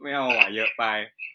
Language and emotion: Thai, neutral